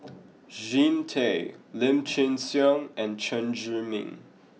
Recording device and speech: mobile phone (iPhone 6), read sentence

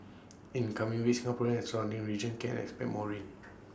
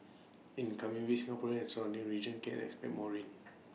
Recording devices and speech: standing microphone (AKG C214), mobile phone (iPhone 6), read sentence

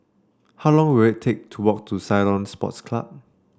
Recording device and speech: standing microphone (AKG C214), read sentence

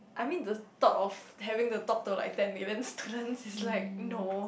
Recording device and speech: boundary microphone, conversation in the same room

